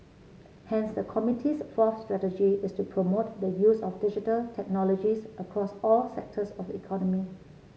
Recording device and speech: mobile phone (Samsung C7), read sentence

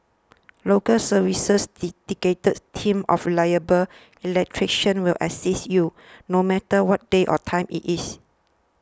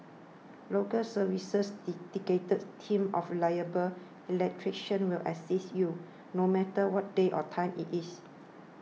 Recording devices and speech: standing microphone (AKG C214), mobile phone (iPhone 6), read sentence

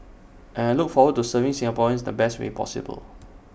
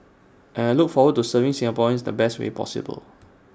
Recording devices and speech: boundary microphone (BM630), standing microphone (AKG C214), read sentence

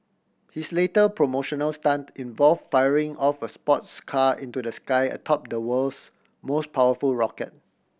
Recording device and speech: boundary microphone (BM630), read sentence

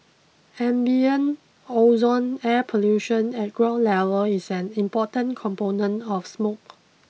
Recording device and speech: mobile phone (iPhone 6), read sentence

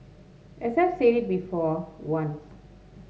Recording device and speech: mobile phone (Samsung S8), read sentence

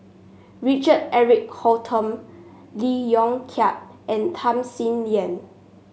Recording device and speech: mobile phone (Samsung S8), read sentence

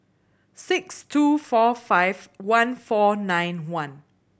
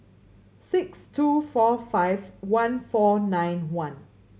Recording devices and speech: boundary microphone (BM630), mobile phone (Samsung C7100), read sentence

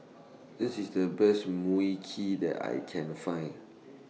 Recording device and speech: mobile phone (iPhone 6), read sentence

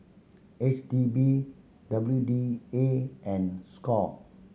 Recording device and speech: mobile phone (Samsung C7100), read sentence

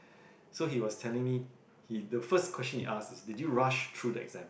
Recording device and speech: boundary microphone, conversation in the same room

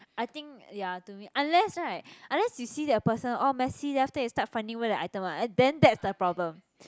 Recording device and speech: close-talking microphone, conversation in the same room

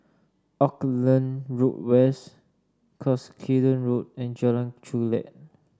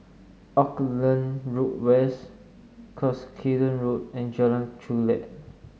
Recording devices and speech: standing microphone (AKG C214), mobile phone (Samsung S8), read sentence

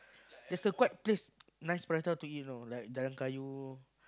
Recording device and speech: close-talking microphone, conversation in the same room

